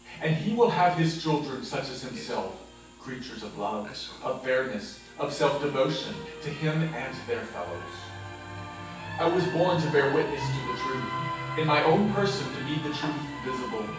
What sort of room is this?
A large space.